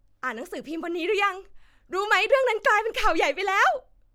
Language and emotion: Thai, happy